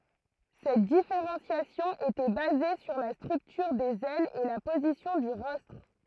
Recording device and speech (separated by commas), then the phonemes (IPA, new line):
throat microphone, read sentence
sɛt difeʁɑ̃sjasjɔ̃ etɛ baze syʁ la stʁyktyʁ dez ɛlz e la pozisjɔ̃ dy ʁɔstʁ